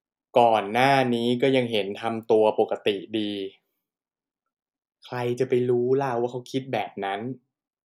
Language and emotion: Thai, frustrated